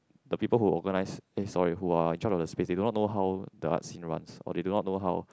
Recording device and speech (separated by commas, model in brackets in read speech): close-talking microphone, conversation in the same room